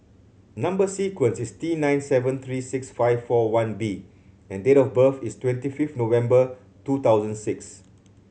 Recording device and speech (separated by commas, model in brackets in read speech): mobile phone (Samsung C7100), read sentence